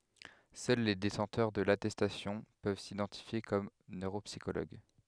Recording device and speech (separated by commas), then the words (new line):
headset microphone, read sentence
Seuls les détenteurs de l'attestation peuvent s'identifier comme neuropsychologues.